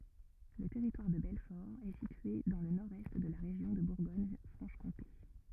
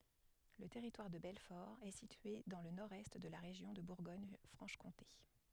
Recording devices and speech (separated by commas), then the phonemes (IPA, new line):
rigid in-ear microphone, headset microphone, read sentence
lə tɛʁitwaʁ də bɛlfɔʁ ɛ sitye dɑ̃ lə nɔʁdɛst də la ʁeʒjɔ̃ də buʁɡoɲfʁɑ̃ʃkɔ̃te